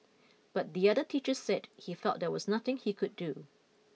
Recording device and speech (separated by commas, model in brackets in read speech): mobile phone (iPhone 6), read sentence